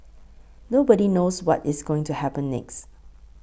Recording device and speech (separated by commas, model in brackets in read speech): boundary microphone (BM630), read sentence